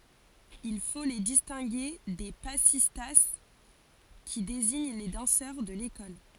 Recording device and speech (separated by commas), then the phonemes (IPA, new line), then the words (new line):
forehead accelerometer, read sentence
il fo le distɛ̃ɡe de pasista ki deziɲ le dɑ̃sœʁ də lekɔl
Il faut les distinguer des passistas, qui désignent les danseurs de l'école.